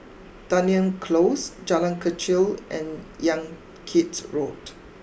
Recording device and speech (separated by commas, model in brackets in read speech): boundary microphone (BM630), read sentence